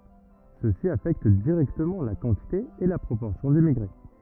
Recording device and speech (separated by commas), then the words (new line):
rigid in-ear microphone, read sentence
Ceci affecte directement la quantité et la proportion d'immigrés.